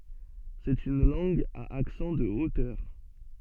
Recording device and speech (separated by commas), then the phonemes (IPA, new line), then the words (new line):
soft in-ear microphone, read sentence
sɛt yn lɑ̃ɡ a aksɑ̃ də otœʁ
C'est une langue à accent de hauteur.